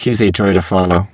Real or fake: fake